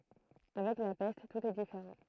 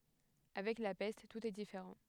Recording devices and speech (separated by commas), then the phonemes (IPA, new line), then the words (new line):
throat microphone, headset microphone, read sentence
avɛk la pɛst tut ɛ difeʁɑ̃
Avec la peste, tout est différent.